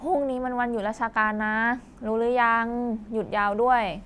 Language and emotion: Thai, frustrated